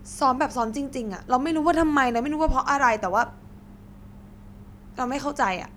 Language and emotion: Thai, frustrated